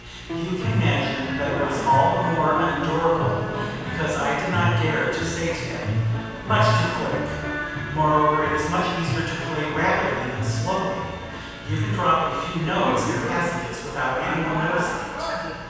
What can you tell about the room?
A large, echoing room.